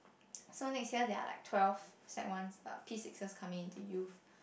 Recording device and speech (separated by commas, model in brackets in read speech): boundary microphone, conversation in the same room